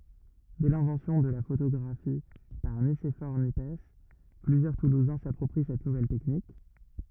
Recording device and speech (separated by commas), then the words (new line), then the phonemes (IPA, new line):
rigid in-ear microphone, read sentence
Dès l'invention de la photographie par Nicéphore Niepce, plusieurs toulousains s'approprient cette nouvelle technique.
dɛ lɛ̃vɑ̃sjɔ̃ də la fotoɡʁafi paʁ nisefɔʁ njɛps plyzjœʁ tuluzɛ̃ sapʁɔpʁi sɛt nuvɛl tɛknik